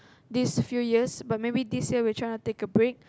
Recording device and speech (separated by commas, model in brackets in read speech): close-talking microphone, conversation in the same room